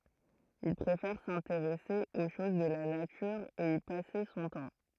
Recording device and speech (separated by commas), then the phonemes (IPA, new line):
throat microphone, read sentence
il pʁefɛʁ sɛ̃teʁɛse o ʃoz də la natyʁ e i pase sɔ̃ tɑ̃